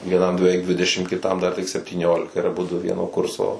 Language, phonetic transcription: Lithuanian, vieˈnam beˈveik ˈdvidešim kiˈtam ˈdar tik septyˈniolika ir aˈbudu ˈvieno ˈkurso

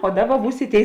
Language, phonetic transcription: Lithuanian, o ˈdaˌba ˈbūs i ˈtėi

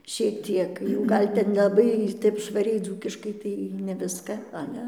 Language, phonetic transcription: Lithuanian, šiek ˈtiek jau ˈgal' ten nelaˈbai ˈtep švaˈriai ˈdzūkiškai ˈtai ne ˈviska ˈale

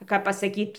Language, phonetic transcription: Lithuanian, ˈkap pasaˈkyt

